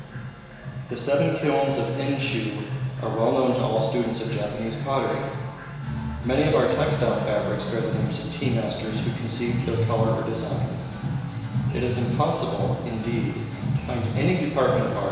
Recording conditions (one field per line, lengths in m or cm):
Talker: one person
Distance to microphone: 1.7 m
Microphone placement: close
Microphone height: 1.0 m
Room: very reverberant, large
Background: music